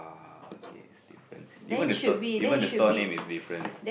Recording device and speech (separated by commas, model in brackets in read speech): boundary microphone, conversation in the same room